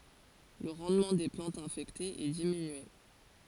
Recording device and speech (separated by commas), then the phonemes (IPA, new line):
forehead accelerometer, read sentence
lə ʁɑ̃dmɑ̃ de plɑ̃tz ɛ̃fɛktez ɛ diminye